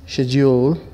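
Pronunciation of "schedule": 'schedule' is pronounced correctly here.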